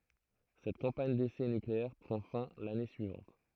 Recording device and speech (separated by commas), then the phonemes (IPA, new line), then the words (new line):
throat microphone, read sentence
sɛt kɑ̃paɲ desɛ nykleɛʁ pʁɑ̃ fɛ̃ lane syivɑ̃t
Cette campagne d’essais nucléaires prend fin l’année suivante.